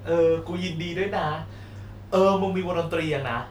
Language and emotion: Thai, happy